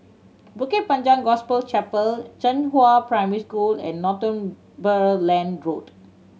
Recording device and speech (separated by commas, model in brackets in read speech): mobile phone (Samsung C7100), read sentence